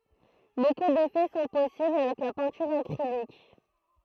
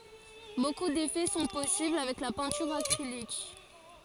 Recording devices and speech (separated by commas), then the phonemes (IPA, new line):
throat microphone, forehead accelerometer, read sentence
boku defɛ sɔ̃ pɔsibl avɛk la pɛ̃tyʁ akʁilik